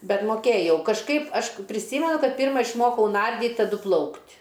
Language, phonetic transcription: Lithuanian, ˈbet moˈkėjau kažˈkaip aš priˈsymenu ˈkad ˈpyrma išˈmokau ˈnardyt' taˈdu ˈplaukt'

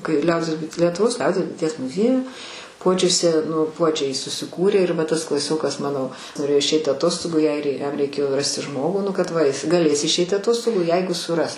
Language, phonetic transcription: Lithuanian, kai ˈliaudies bui lietuˈvos ˈliaudies buiˈties muˈzieju ˈpuodžiuse nu ˈpuodžiai susiˈkūrė ir ˈva ˈtas klaˈsiokas ˈmano noˈrėjo išˈeit' aˈtostogu i ˈair i jam reiˈkėjo ˈrasti ˈžmogų ˈnu kad ˈva ˈjis gaˈlės išˈeiti aˈtostogų ˈjeigu suˈras

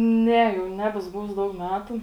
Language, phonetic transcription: Lithuanian, ˈne jau ˈnebesu ˈbuvus ˈdaug ˈmetu

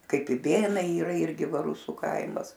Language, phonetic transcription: Lithuanian, ˈkaip iˈbėnai yˈra ˈirgi ˈva ˈrusu ˈkaimas

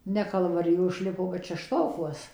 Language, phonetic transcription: Lithuanian, ˈne kalvaˈrijo išˈlipo bet šešˈtokuos

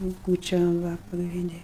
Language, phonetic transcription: Lithuanian, jau ˈkūčiom va pagrinˈdi

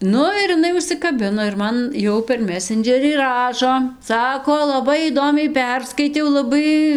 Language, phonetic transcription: Lithuanian, ˈnu ir iˈnai užsikaˈbino ir ˈman ˈjau per ˈmesendžerį ˈrašo ˈsako laˈbai įˈdomiai ˈperskaitiau laˈbai

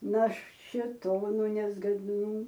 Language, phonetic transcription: Lithuanian, na šėˈtonu nezgadˈnų

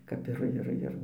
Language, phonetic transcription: Lithuanian, kap ˈir ˈir ˈir

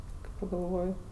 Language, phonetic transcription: Lithuanian, kai pagalˈvoj

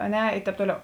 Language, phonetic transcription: Lithuanian, a ˈne ˈi ˈtēp ˈtoˌliau

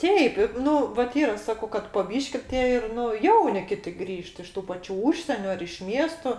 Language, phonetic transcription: Lithuanian, ˈteip i ˈnu vat ˈyra ˈsakau kad po ˈbyški ˈtie ir ˈnu ˈjauni ˈkiti ˈgrįžt iš ˈtų paˈčių ˈūžsieniu ar iš ˈmiesto

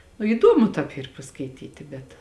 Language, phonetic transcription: Lithuanian, nu įˈdomu tāp ˈyr paskaiˈtyti bet

